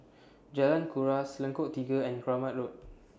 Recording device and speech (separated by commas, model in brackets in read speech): standing microphone (AKG C214), read sentence